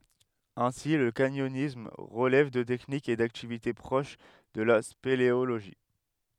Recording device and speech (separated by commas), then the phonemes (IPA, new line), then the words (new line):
headset microphone, read sentence
ɛ̃si lə kaɲɔnism ʁəlɛv də tɛknikz e daktivite pʁoʃ də la speleoloʒi
Ainsi, le canyonisme relève de techniques et d'activités proches de la spéléologie.